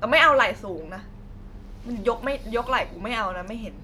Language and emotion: Thai, frustrated